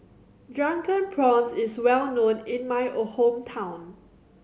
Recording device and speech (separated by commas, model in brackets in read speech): mobile phone (Samsung C7100), read sentence